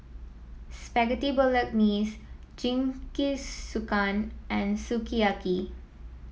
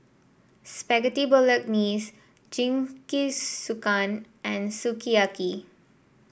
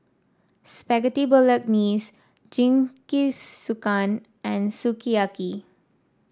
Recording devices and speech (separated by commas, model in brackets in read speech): mobile phone (iPhone 7), boundary microphone (BM630), standing microphone (AKG C214), read sentence